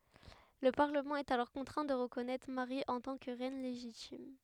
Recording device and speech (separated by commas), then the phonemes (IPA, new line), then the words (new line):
headset microphone, read sentence
lə paʁləmɑ̃ ɛt alɔʁ kɔ̃tʁɛ̃ də ʁəkɔnɛtʁ maʁi ɑ̃ tɑ̃ kə ʁɛn leʒitim
Le Parlement est alors contraint de reconnaître Marie en tant que reine légitime.